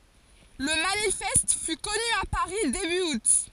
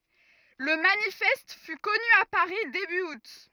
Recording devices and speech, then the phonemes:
forehead accelerometer, rigid in-ear microphone, read sentence
lə manifɛst fy kɔny a paʁi deby ut

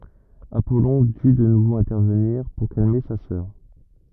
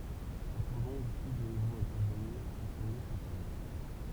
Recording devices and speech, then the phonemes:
rigid in-ear microphone, temple vibration pickup, read sentence
apɔlɔ̃ dy də nuvo ɛ̃tɛʁvəniʁ puʁ kalme sa sœʁ

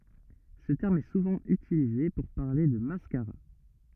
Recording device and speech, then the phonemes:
rigid in-ear microphone, read sentence
sə tɛʁm ɛ suvɑ̃ ytilize puʁ paʁle də maskaʁa

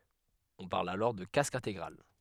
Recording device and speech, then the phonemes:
headset microphone, read sentence
ɔ̃ paʁl alɔʁ də kask ɛ̃teɡʁal

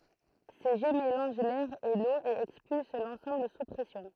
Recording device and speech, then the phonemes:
throat microphone, read sentence
se ʒɛ melɑ̃ʒ lɛʁ e lo e ɛkspyls lɑ̃sɑ̃bl su pʁɛsjɔ̃

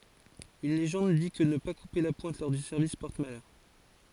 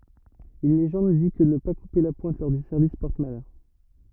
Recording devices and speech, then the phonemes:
forehead accelerometer, rigid in-ear microphone, read sentence
yn leʒɑ̃d di kə nə pa kupe la pwɛ̃t lɔʁ dy sɛʁvis pɔʁt malœʁ

